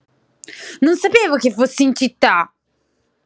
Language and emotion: Italian, angry